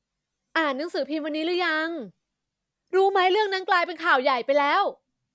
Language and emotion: Thai, angry